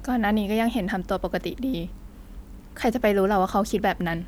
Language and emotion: Thai, sad